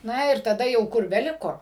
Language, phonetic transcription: Lithuanian, ˈna ir taˈda jau ˈkur beˈliko

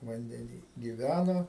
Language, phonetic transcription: Lithuanian, vandeˈny giˈvæno

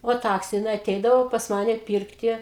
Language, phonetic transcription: Lithuanian, o ˈtaks jiˈnai aˈteidavo pas ˈmane ˈpyrkti

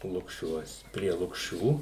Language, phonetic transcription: Lithuanian, lukˈšiuos prie lukˈšių

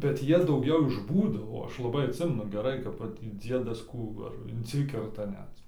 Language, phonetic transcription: Lithuanian, bet ˈjie dauˈgiau iš ˈbūdo o ˈaš laˈbai atˈsimenu geˈrai kap ˈvat tį ˈdziedas ˈkų va ar inˈsikerta ˈnet

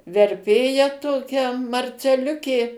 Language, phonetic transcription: Lithuanian, verˈpėja ˈtokia marceˈliukė

